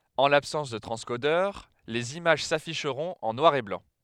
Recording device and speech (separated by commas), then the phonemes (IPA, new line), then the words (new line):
headset microphone, read sentence
ɑ̃ labsɑ̃s də tʁɑ̃skodœʁ lez imaʒ safiʃʁɔ̃t ɑ̃ nwaʁ e blɑ̃
En l'absence de transcodeur, les images s'afficheront en noir et blanc.